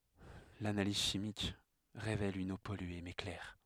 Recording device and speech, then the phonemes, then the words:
headset microphone, read sentence
lanaliz ʃimik ʁevɛl yn o pɔlye mɛ klɛʁ
L'analyse chimique révèle une eau polluée mais claire.

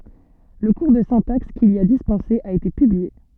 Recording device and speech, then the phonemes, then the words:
soft in-ear microphone, read sentence
lə kuʁ də sɛ̃taks kil i a dispɑ̃se a ete pyblie
Le cours de syntaxe qu'il y a dispensé a été publié.

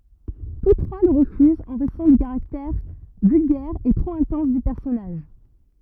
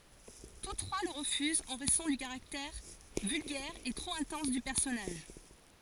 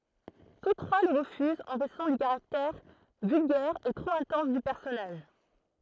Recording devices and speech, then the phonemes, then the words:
rigid in-ear microphone, forehead accelerometer, throat microphone, read sentence
tus tʁwa lə ʁəfyzt ɑ̃ ʁɛzɔ̃ dy kaʁaktɛʁ vylɡɛʁ e tʁop ɛ̃tɑ̃s dy pɛʁsɔnaʒ
Tous trois le refusent en raison du caractère vulgaire et trop intense du personnage.

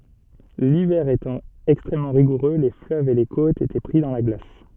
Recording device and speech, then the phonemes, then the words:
soft in-ear microphone, read sentence
livɛʁ etɑ̃ ɛkstʁɛmmɑ̃ ʁiɡuʁø le fløvz e le kotz etɛ pʁi dɑ̃ la ɡlas
L'hiver étant extrêmement rigoureux, les fleuves et les côtes étaient pris dans la glace.

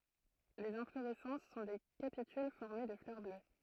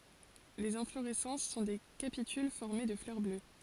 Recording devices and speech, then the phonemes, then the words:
throat microphone, forehead accelerometer, read sentence
lez ɛ̃floʁɛsɑ̃s sɔ̃ de kapityl fɔʁme də flœʁ blø
Les inflorescences sont des capitules formés de fleurs bleues.

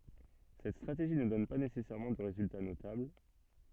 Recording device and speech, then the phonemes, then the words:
soft in-ear microphone, read sentence
sɛt stʁateʒi nə dɔn pa nesɛsɛʁmɑ̃ də ʁezylta notabl
Cette stratégie ne donne pas nécessairement de résultat notable.

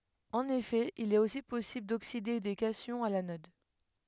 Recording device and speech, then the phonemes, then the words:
headset microphone, read sentence
ɑ̃n efɛ il ɛt osi pɔsibl dokside de kasjɔ̃z a lanɔd
En effet, il est aussi possible d'oxyder des cations à l'anode.

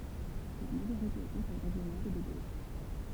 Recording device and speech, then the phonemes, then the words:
temple vibration pickup, read sentence
la maʒoʁite o kɔ̃sɛj ʁeʒjonal ɛ də ɡoʃ
La majorité au conseil régional est de gauche.

